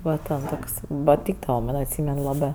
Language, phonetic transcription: Lithuanian, ˈva ten ˈtoks paˈtykdava ˈman' atˈsymen ˈlabɜ

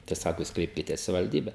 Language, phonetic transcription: Lithuanian, tai ˈsako ˈjūs ˈkreipkites savivalˈdybe

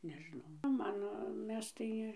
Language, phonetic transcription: Lithuanian, nežiˈnau ˈman ˈmes tai

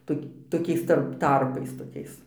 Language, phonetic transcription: Lithuanian, ˈtok toˈkiais ˈtarp ˈtarpais toˈkiais

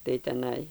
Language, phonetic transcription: Lithuanian, tai teˈnai

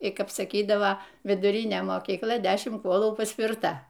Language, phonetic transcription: Lithuanian, i ˈkap saˈkydava viduˈrinė mokykˈla ˈdešim ˈkuolų paspirˈta

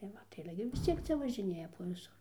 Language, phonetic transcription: Lithuanian, tai ˈva tai aˈle gi vis ˈciek ˈcia važiˈnėja po viˈsur

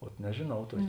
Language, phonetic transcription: Lithuanian, ot nežėˈnau ˈtuokė

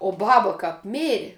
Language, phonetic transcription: Lithuanian, o ˈbaba ˈkap ˈmėri

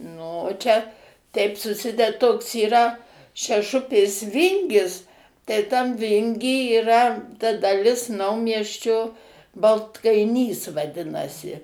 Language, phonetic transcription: Lithuanian, nu o ˈčia ˈteip suˈsided ˈtoks yˈra šeˈšupės ˈvingis tai tam ˈvingy yˈra ta daˈlis ˈnaumiesčio baltkaiˈnys vaˈdinasi

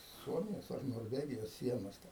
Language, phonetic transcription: Lithuanian, ˈsuomijos ar norˈvegijos ˈsienos ten

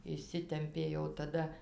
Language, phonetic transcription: Lithuanian, išˈsitempė jau taˈda

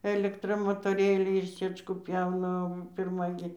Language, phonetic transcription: Lithuanian, elekˈtra motoˈrėliai ir ˈsɨečkų ˈpjauna o pirˈma gi

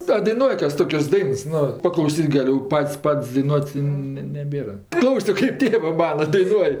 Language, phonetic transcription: Lithuanian, a daiˈnuoj ˈkas ˈtokias ˈdains ˈnu paklauˈsyt' gaˈliu ˈpat's' ˈpat's' daiˈnuot' ˈne neˈbėra ˈklausio kaip ˈtėvɜ ˈmana daiˈnuoj

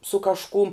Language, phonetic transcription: Lithuanian, su kažˈkum

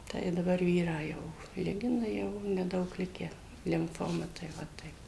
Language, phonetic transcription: Lithuanian, ˈtai i daˈbar ˈvyrą ˈjau ˈligina ˈjau neˈdaug ˈlikę limˈfoma tai ˈva ˈtaip

